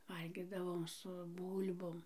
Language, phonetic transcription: Lithuanian, ˈvalgydavom su ˈbūl'bom

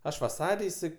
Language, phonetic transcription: Lithuanian, ˈaš vaˈsar' iˈsai

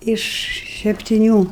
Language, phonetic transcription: Lithuanian, iš septiˈnių

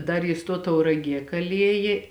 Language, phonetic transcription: Lithuanian, ˈdar jis ˈtuo tauraˈgie kaˈliejė

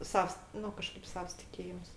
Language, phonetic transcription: Lithuanian, ˈsavs ˈnu kaˈžkaip ˈsavas tiˈkėjims

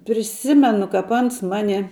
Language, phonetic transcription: Lithuanian, priˈsimenu kap ˈans ˈmani

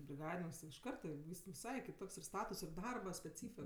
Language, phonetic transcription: Lithuanian, briˈgadininks ti iš ˈkarta ˈvys viˈsai kiˈtoks ir ˈstatus ir ˈdarba speˈcyfi

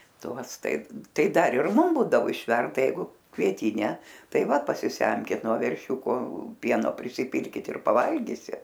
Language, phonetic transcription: Lithuanian, ˈtuos ˈtaip ˈtai ˈdar ir ˈmum ˈbūdavo išˈverda ˈjeigu kvieˈtyne ˈtai ˈva pasiˈsemkit nuo verˈšiūko ˈpieno prisiˈpilkit ir paˈvalgysit

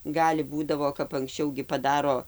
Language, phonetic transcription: Lithuanian, ˈgali ˈbūdavo kap anksˈčiau gi paˈdaro

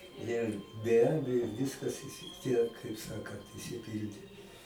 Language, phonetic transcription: Lithuanian, ˈne be ˈabejo ˈviskas isi ˈtiek kaip ˈsakant išsiˈpildė

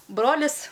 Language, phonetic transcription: Lithuanian, ˈbrolis

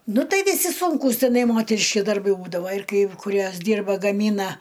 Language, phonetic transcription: Lithuanian, ˈnu ˈtai viˈsi sunˈkūs tiˈnai ˈmoteriški darˈbai ˈbūdava ir kai kuˈriuos ˈdyrba gaˈmyna

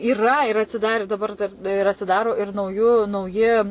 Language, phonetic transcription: Lithuanian, yˈra ir atsiˈdari daˈbar dar ir atsiˈdaro ir nauˈjų nauˈji

